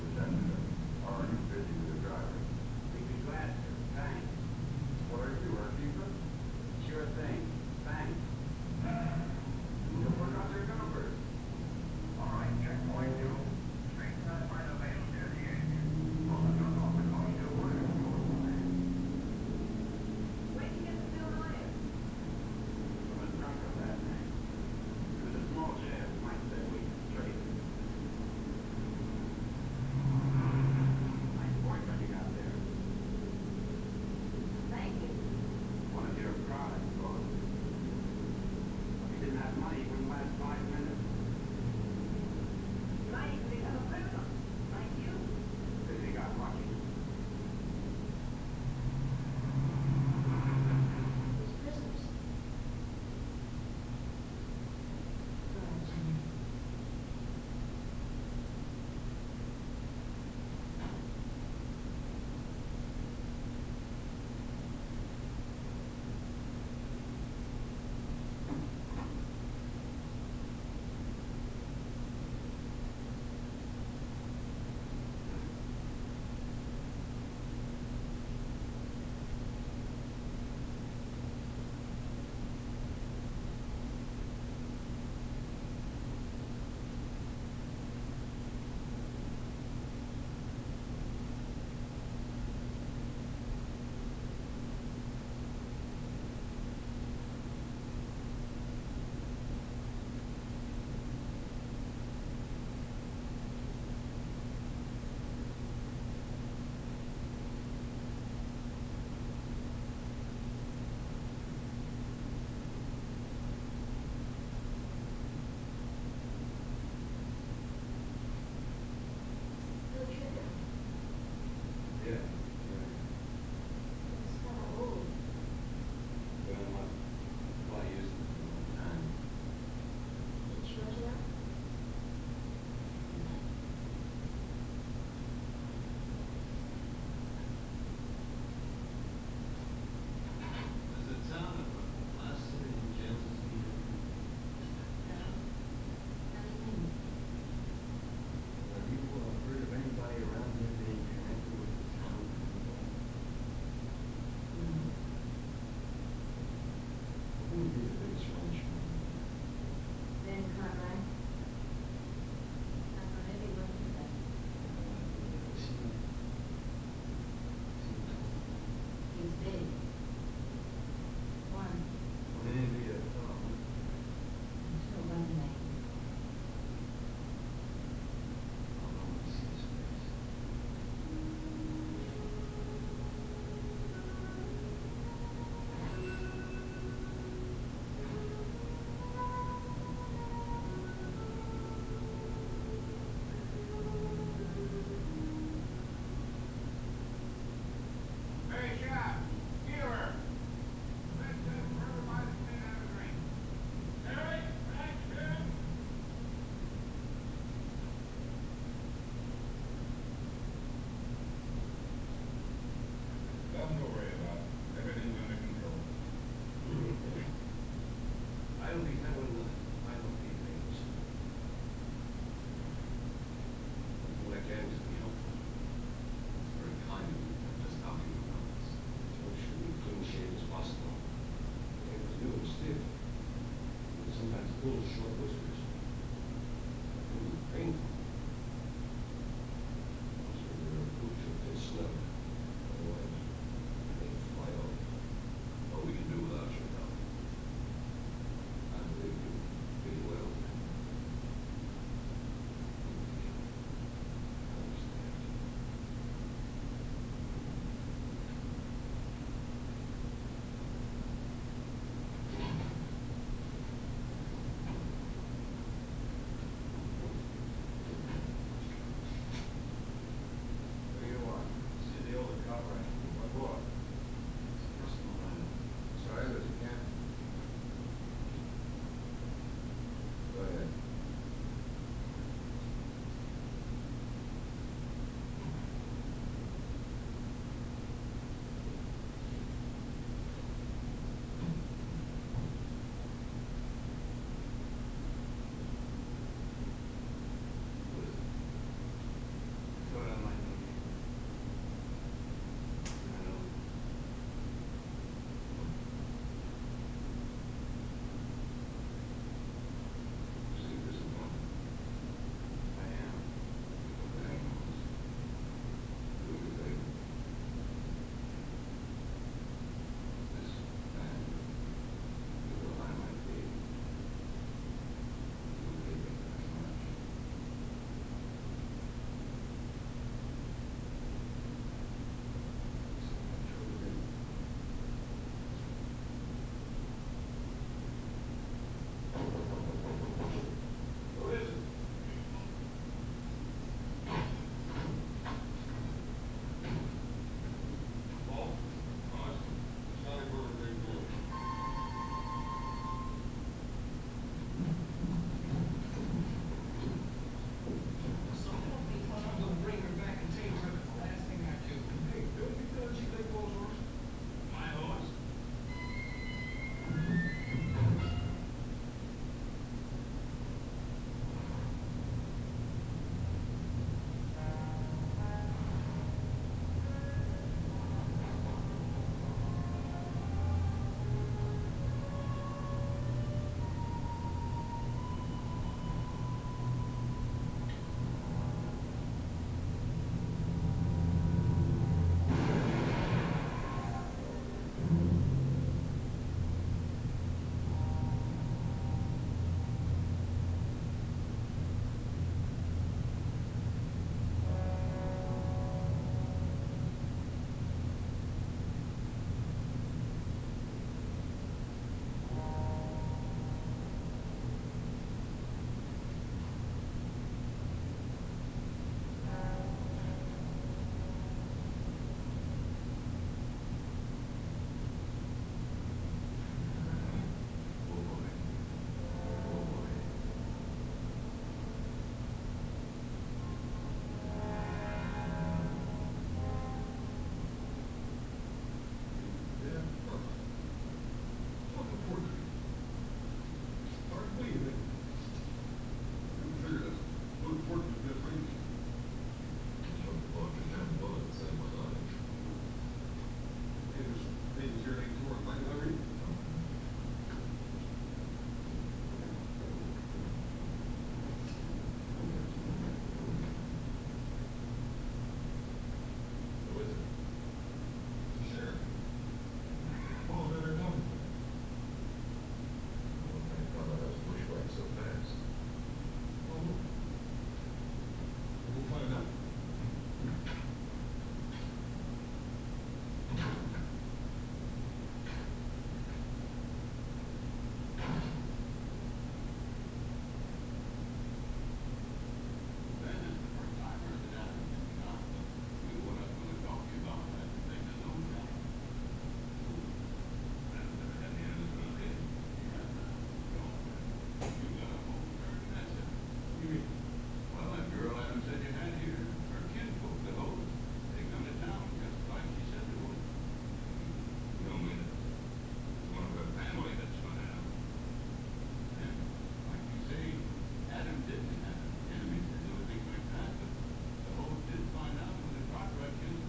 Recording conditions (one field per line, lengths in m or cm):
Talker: no one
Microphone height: 2.5 m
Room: large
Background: television